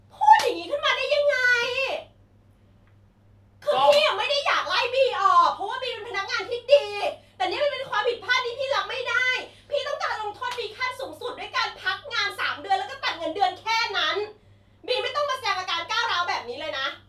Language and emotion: Thai, angry